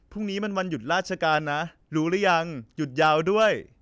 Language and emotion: Thai, happy